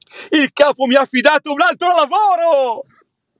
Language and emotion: Italian, happy